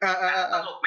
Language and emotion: Thai, happy